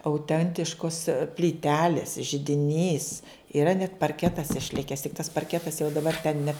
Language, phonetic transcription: Lithuanian, auˈtentiškos plyˈtelės židiˈnys iˈra net parˈketas išˈlikes tik tas parˈketas jau daˈbar ten ne

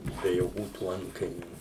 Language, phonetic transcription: Lithuanian, be joˈkių tų ˈantkainių

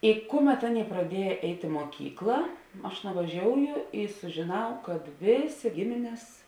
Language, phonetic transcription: Lithuanian, i ˈkuˌmet ˈaˌnėi praˈdieja ˈeit' i muoˈkykla ˈaš nuvaˈžiouju i sužiˈnau kad ˈvėˌsė ˈgimines

